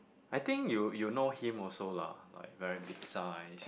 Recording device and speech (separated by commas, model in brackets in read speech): boundary microphone, conversation in the same room